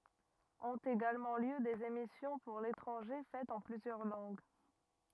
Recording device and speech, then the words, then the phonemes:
rigid in-ear microphone, read sentence
Ont également lieu des émissions pour l’étranger faites en plusieurs langues.
ɔ̃t eɡalmɑ̃ ljø dez emisjɔ̃ puʁ letʁɑ̃ʒe fɛtz ɑ̃ plyzjœʁ lɑ̃ɡ

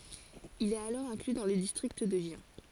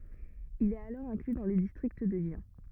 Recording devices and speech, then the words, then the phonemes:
forehead accelerometer, rigid in-ear microphone, read sentence
Il est alors inclus dans le district de Gien.
il ɛt alɔʁ ɛ̃kly dɑ̃ lə distʁikt də ʒjɛ̃

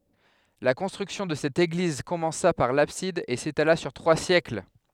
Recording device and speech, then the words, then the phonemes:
headset microphone, read sentence
La construction de cette église commença par l'abside et s'étala sur trois siècles.
la kɔ̃stʁyksjɔ̃ də sɛt eɡliz kɔmɑ̃sa paʁ labsid e setala syʁ tʁwa sjɛkl

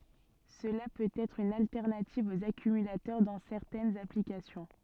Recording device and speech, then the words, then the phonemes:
soft in-ear microphone, read sentence
Cela peut être une alternative aux accumulateurs dans certaines applications.
səla pøt ɛtʁ yn altɛʁnativ oz akymylatœʁ dɑ̃ sɛʁtɛnz aplikasjɔ̃

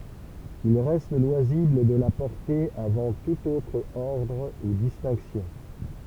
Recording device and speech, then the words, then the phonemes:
temple vibration pickup, read sentence
Il reste loisible de la porter avant tout autre ordre ou distinctions.
il ʁɛst lwazibl də la pɔʁte avɑ̃ tut otʁ ɔʁdʁ u distɛ̃ksjɔ̃

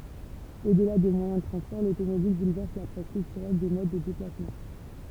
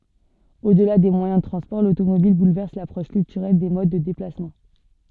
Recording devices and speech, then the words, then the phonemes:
temple vibration pickup, soft in-ear microphone, read sentence
Au-delà des moyens de transports, l'automobile bouleverse l'approche culturelle des modes de déplacements.
odla de mwajɛ̃ də tʁɑ̃spɔʁ lotomobil bulvɛʁs lapʁɔʃ kyltyʁɛl de mod də deplasmɑ̃

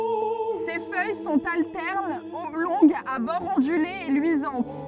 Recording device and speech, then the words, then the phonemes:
rigid in-ear microphone, read sentence
Ses feuilles sont alternes, oblongues, à bords ondulés et luisantes.
se fœj sɔ̃t altɛʁnz ɔblɔ̃ɡz a bɔʁz ɔ̃dylez e lyizɑ̃t

